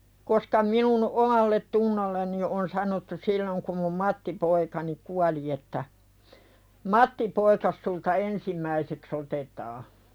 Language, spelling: Finnish, koska minun omalletunnolleni on sanottu silloin kun minun Matti-poikani kuoli että Matti-poikasi sinulta ensimmäiseksi otetaan
- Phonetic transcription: koska minun 'omallet"tunnolleni on sanottu 'silloŋ kum mum "Mattipoikani kuali että , » "Mattipoikas sulta 'ensim̆mäiseks ‿otetaa « .

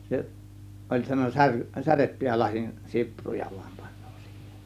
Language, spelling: Finnish, se oli sanoi - särjettyjä lasin sipruja vain panee siihen
- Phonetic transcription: 'se , oĺ sano 'sär- , 'särettyjä lasin , 'sipruja VUAM pANNOO sIHEN .

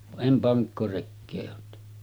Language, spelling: Finnish, vaan en pankkorekeä olet tehnyt
- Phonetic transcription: va’ '’em paŋkkorekkee oot tehny .

